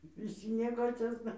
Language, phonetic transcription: Lithuanian, viˈsi nieˈkociosna

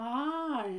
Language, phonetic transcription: Lithuanian, a

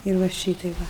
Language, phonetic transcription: Lithuanian, ir ˈva ˈšytai ˈva

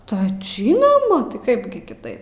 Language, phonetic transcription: Lithuanian, tai ˈžynoma tai ˈkaip gi kiˈtaip

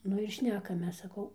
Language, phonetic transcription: Lithuanian, ˈnu ir ˈšnekamės saˈkau

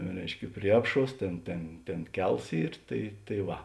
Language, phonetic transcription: Lithuanian, ˈreiškia ˈprie apˌšuos ˈtėn ˈtėn ˈtėn ˈkels ˈyr ˈtai tai ˈva

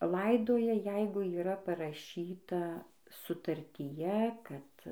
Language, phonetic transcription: Lithuanian, ˈlaidoja ˈjeigu yˈra paraˈšyta sutartyˈje ˈkad

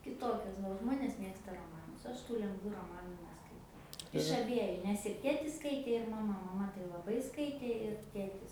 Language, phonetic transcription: Lithuanian, kiˈtokias ˈva o ˈžmonės ˈmėgsta roˈmanus ˈaš tų lengˈvų roˈmanu neskaiˈtau iš aˈbieju nes ir ˈtėtis ˈskaitė ir maˈma maˈma tai laˈbai ˈskaitė ir ˈtėtis

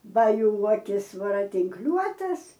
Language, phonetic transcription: Lithuanian, ˈba ˈjų ˈuokis varatinkˈliuotas

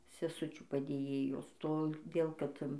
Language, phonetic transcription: Lithuanian, seˈsučių padėˈjėjos toˈdėl ˈkad

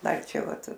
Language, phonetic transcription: Lithuanian, ˈdar ˈčia ˈvat

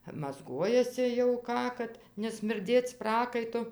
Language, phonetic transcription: Lithuanian, mazˈguojasi jau ˈką kad nesmirˈdėc ˈprakaitu

